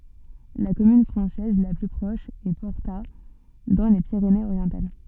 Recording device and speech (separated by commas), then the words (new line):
soft in-ear microphone, read sentence
La commune française la plus proche est Porta dans les Pyrénées-Orientales.